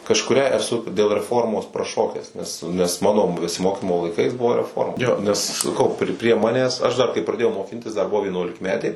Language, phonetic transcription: Lithuanian, kažkuˈrią eˈsu dėl reˈformos praˈšokęs nes nes ˈmano besiˈmokymo laiˈkais ˈbuvo reˈforma ˈjo nes saˈkau pri prie ˈmanęs ˈaš dar kai praˈdėjau moˈkintis dar ˈbuvo vienuolikˈmetė

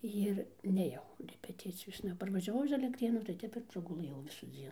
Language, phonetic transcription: Lithuanian, ir nėˈjau repeˈticijosna parvažiaˈvau iš alektˈrėnų tai ˈtep ir praguˈlɘjau visųˈdzien

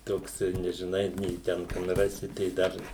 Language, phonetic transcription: Lithuanian, ˈtoks nežiˈnai nei ˈten kan ˈrasi tai ˈdar

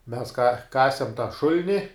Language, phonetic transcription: Lithuanian, mes ka ˈkasem tą ˈšul'ni

